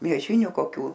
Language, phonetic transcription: Lithuanian, mieˈžiniu koˈkių

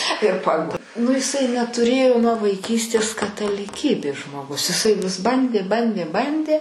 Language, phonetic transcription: Lithuanian, ir ˈpag nu iˈsai netuˈrėjo nuo vaiˈkystės kataliˈkybės žmoˈgus iˈsai vis ˈbandė ˈbandė ˈbandė

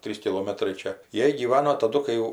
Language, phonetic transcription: Lithuanian, ˈtrys kiˈlomatrai ˈčia ˈjie gyˈvano taˈdu kai ˈjau

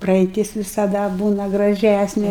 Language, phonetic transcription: Lithuanian, praeiˈtis visaˈda ˈbūna graˈžæsnė

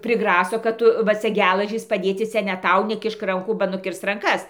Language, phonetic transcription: Lithuanian, priˈgraso kad ˈtu va ˈcia ˈgelažys paˈdėci ˈcia ne ˈtau neˈkišk ˈrankų ba nuˈkirs ranˈkas

